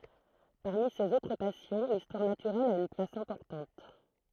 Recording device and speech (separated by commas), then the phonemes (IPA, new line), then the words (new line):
throat microphone, read sentence
paʁmi sez otʁ pasjɔ̃ listwaʁ natyʁɛl a yn plas ɛ̃pɔʁtɑ̃t
Parmi ses autres passions, l'histoire naturelle a une place importante.